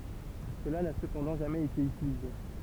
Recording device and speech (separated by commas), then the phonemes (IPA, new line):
temple vibration pickup, read sentence
səla na səpɑ̃dɑ̃ ʒamɛz ete ytilize